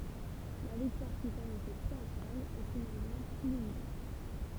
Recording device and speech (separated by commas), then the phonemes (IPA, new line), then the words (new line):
temple vibration pickup, read sentence
la viktwaʁ ki sanɔ̃sɛ tʁiɔ̃fal ɛ finalmɑ̃ ply limite
La victoire qui s'annonçait triomphale est finalement plus limitée.